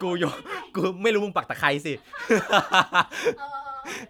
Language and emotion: Thai, happy